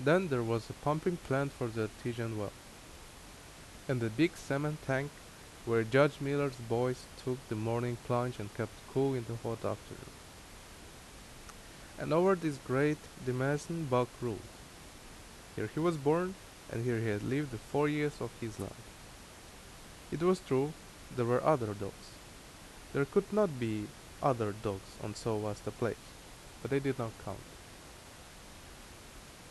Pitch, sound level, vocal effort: 125 Hz, 80 dB SPL, loud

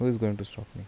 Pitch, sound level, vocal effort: 110 Hz, 76 dB SPL, soft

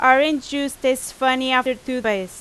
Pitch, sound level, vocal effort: 260 Hz, 93 dB SPL, very loud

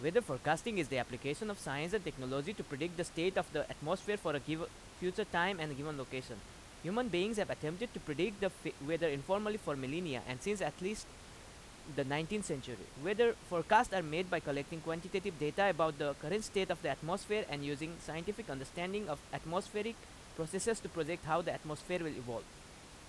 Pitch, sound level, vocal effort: 165 Hz, 90 dB SPL, very loud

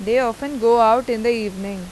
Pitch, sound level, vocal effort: 230 Hz, 92 dB SPL, normal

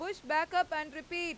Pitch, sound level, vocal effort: 325 Hz, 99 dB SPL, very loud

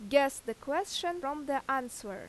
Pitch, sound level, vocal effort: 275 Hz, 88 dB SPL, loud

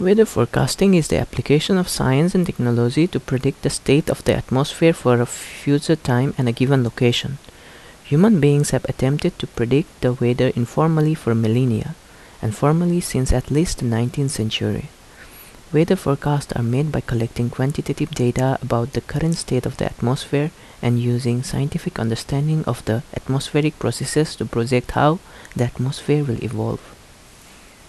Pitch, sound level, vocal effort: 135 Hz, 76 dB SPL, soft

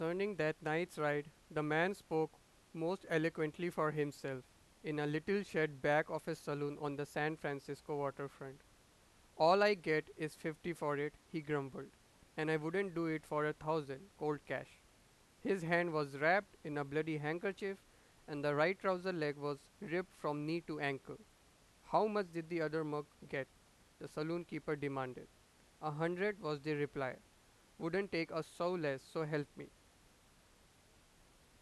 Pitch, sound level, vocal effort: 155 Hz, 94 dB SPL, loud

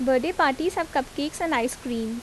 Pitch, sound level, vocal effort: 275 Hz, 82 dB SPL, normal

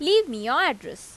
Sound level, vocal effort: 90 dB SPL, normal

